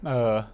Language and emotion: Thai, frustrated